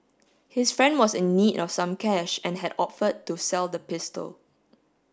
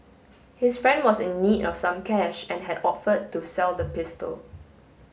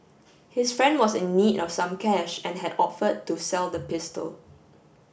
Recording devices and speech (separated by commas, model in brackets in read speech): standing microphone (AKG C214), mobile phone (Samsung S8), boundary microphone (BM630), read sentence